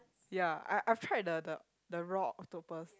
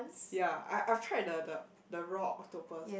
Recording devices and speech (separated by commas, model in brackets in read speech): close-talking microphone, boundary microphone, conversation in the same room